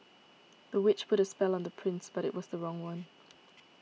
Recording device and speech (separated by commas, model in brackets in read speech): mobile phone (iPhone 6), read sentence